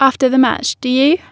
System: none